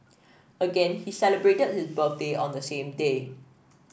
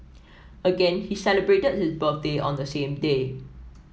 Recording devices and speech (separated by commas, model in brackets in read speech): boundary microphone (BM630), mobile phone (iPhone 7), read sentence